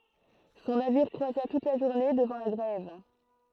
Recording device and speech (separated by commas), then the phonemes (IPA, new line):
throat microphone, read sentence
sɔ̃ naviʁ kʁwaza tut la ʒuʁne dəvɑ̃ la ɡʁɛv